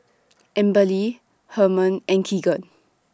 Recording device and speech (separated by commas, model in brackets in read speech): standing microphone (AKG C214), read sentence